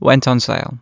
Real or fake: real